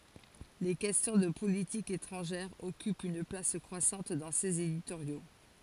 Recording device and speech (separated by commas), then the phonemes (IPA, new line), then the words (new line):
forehead accelerometer, read sentence
le kɛstjɔ̃ də politik etʁɑ̃ʒɛʁ ɔkypt yn plas kʁwasɑ̃t dɑ̃ sez editoʁjo
Les questions de politique étrangère occupent une place croissante dans ses éditoriaux.